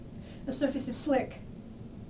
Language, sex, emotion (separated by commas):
English, female, fearful